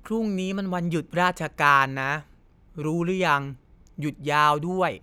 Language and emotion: Thai, frustrated